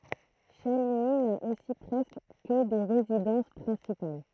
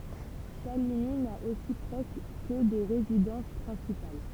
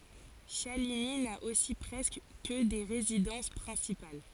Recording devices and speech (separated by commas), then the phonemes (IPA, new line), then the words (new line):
throat microphone, temple vibration pickup, forehead accelerometer, read sentence
ʃaliɲi na osi pʁɛskə kə de ʁezidɑ̃s pʁɛ̃sipal
Chaligny n'a aussi presque que des résidences principales.